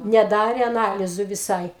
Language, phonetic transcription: Lithuanian, neˈdare aˈnalizu viˈsai

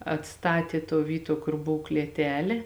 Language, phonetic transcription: Lithuanian, atˈstatė tuo ˈvyˌtuo ˈkur ˈbov klieˈtelė

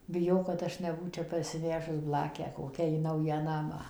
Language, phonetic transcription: Lithuanian, biˈjau kad ˈaš neˈbūčia parsiˈvežus ˈblakę ˈkokią in ˈnaują ˈnamą

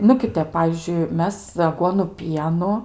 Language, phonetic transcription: Lithuanian, nu ˈkiˈtep ˈpavyzdžiui ˈmes aˈguonu ˈpienu

